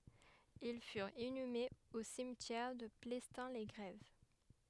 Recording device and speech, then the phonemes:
headset microphone, read sentence
il fyʁt inymez o simtjɛʁ də plɛstɛ̃ le ɡʁɛv

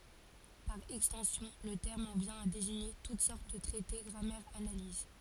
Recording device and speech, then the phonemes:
forehead accelerometer, read sentence
paʁ ɛkstɑ̃sjɔ̃ lə tɛʁm ɑ̃ vjɛ̃ a deziɲe tut sɔʁt də tʁɛte ɡʁamɛʁz analiz

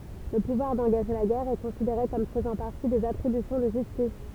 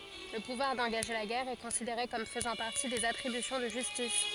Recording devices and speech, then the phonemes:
temple vibration pickup, forehead accelerometer, read sentence
lə puvwaʁ dɑ̃ɡaʒe la ɡɛʁ ɛ kɔ̃sideʁe kɔm fəzɑ̃ paʁti dez atʁibysjɔ̃ də ʒystis

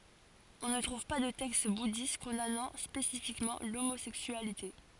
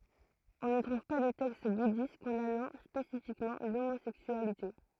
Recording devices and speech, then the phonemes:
forehead accelerometer, throat microphone, read sentence
ɔ̃ nə tʁuv pa də tɛkst budist kɔ̃danɑ̃ spesifikmɑ̃ lomozɛksyalite

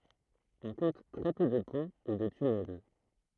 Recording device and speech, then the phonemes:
throat microphone, read sentence
ɔ̃ kɔ̃t tʁɛ pø də pɔ̃ u də tynɛl

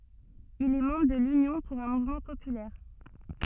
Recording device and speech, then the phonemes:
soft in-ear microphone, read sentence
il ɛ mɑ̃bʁ də lynjɔ̃ puʁ œ̃ muvmɑ̃ popylɛʁ

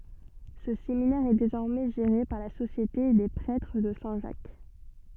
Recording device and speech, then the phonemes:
soft in-ear microphone, read sentence
sə seminɛʁ ɛ dezɔʁmɛ ʒeʁe paʁ la sosjete de pʁɛtʁ də sɛ̃ ʒak

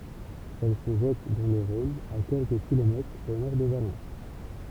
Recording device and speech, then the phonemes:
temple vibration pickup, read sentence
ɛl sə ʒɛt dɑ̃ lə ʁɔ̃n a kɛlkə kilomɛtʁz o nɔʁ də valɑ̃s

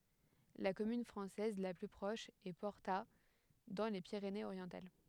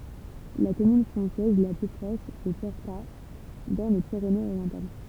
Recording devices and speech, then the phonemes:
headset microphone, temple vibration pickup, read sentence
la kɔmyn fʁɑ̃sɛz la ply pʁɔʃ ɛ pɔʁta dɑ̃ le piʁeneəzoʁjɑ̃tal

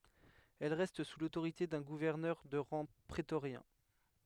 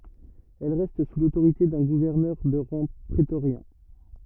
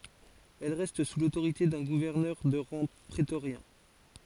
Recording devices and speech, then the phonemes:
headset microphone, rigid in-ear microphone, forehead accelerometer, read sentence
ɛl ʁɛst su lotoʁite dœ̃ ɡuvɛʁnœʁ də ʁɑ̃ pʁetoʁjɛ̃

